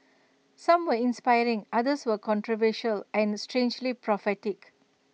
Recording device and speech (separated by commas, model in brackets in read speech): mobile phone (iPhone 6), read sentence